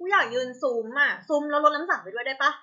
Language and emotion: Thai, frustrated